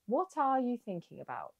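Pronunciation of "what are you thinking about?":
'What are you thinking about?' is said slowly, and the t sounds are kept rather than dropped.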